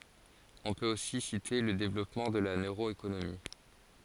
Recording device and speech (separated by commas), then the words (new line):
forehead accelerometer, read sentence
On peut aussi citer le développement de la neuroéconomie.